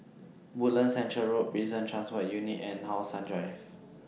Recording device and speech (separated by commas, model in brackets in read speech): mobile phone (iPhone 6), read sentence